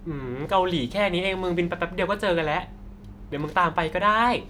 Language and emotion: Thai, happy